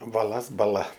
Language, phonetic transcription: Lithuanian, baˈlas baˈla

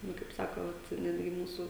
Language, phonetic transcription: Lithuanian, ˈnu kaip ˈsako ˈvat ˈnetgi ˈmūsu

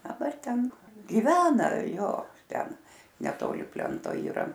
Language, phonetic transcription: Lithuanian, daˈbar ˈten giˈvena ˈjo ˈten neˈtoli ˈplento yˈra

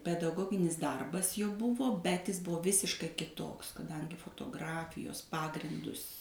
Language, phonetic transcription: Lithuanian, pedaˈgoginis ˈdarbas jau ˈbuvo ˈbet ˈis ˈbuvo ˈvisiškai kiˈtoks kaˈdangi fotoˈgrafijos ˈpagrindus

